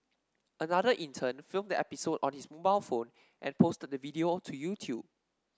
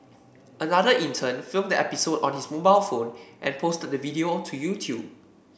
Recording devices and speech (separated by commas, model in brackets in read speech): standing microphone (AKG C214), boundary microphone (BM630), read sentence